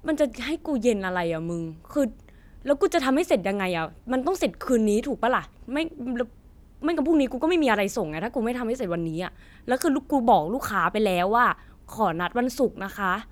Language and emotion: Thai, frustrated